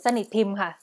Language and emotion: Thai, neutral